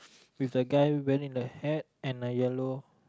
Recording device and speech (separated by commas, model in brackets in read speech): close-talking microphone, conversation in the same room